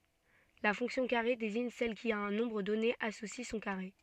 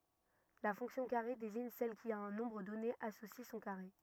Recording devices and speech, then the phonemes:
soft in-ear microphone, rigid in-ear microphone, read sentence
la fɔ̃ksjɔ̃ kaʁe deziɲ sɛl ki a œ̃ nɔ̃bʁ dɔne asosi sɔ̃ kaʁe

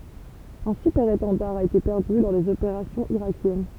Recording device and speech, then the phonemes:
temple vibration pickup, read sentence
œ̃ sypɛʁetɑ̃daʁ a ete pɛʁdy lɔʁ dez opeʁasjɔ̃z iʁakjɛn

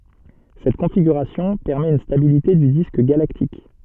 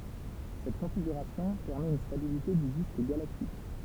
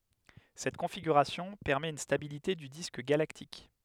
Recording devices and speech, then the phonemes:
soft in-ear microphone, temple vibration pickup, headset microphone, read sentence
sɛt kɔ̃fiɡyʁasjɔ̃ pɛʁmɛt yn stabilite dy disk ɡalaktik

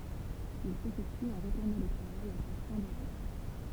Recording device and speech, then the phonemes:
temple vibration pickup, read sentence
il sefɛkty ɑ̃ ʁətuʁnɑ̃ lə tʁavaj a ʃak fɛ̃ də ʁɑ̃

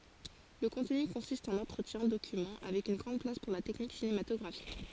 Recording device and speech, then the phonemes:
forehead accelerometer, read sentence
lə kɔ̃tny kɔ̃sist ɑ̃n ɑ̃tʁətjɛ̃ dokymɑ̃ avɛk yn ɡʁɑ̃d plas puʁ la tɛknik sinematɔɡʁafik

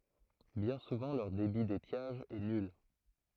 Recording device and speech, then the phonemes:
throat microphone, read sentence
bjɛ̃ suvɑ̃ lœʁ debi detjaʒ ɛ nyl

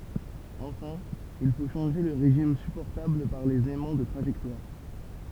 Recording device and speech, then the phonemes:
temple vibration pickup, read sentence
ɑ̃fɛ̃ il fo ʃɑ̃ʒe lə ʁeʒim sypɔʁtabl paʁ lez ɛmɑ̃ də tʁaʒɛktwaʁ

